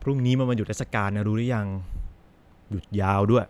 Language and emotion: Thai, neutral